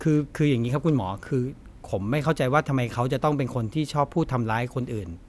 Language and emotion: Thai, frustrated